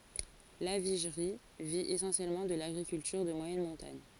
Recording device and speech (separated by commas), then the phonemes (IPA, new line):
forehead accelerometer, read sentence
laviʒʁi vi esɑ̃sjɛlmɑ̃ də laɡʁikyltyʁ də mwajɛn mɔ̃taɲ